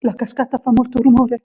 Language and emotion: Italian, fearful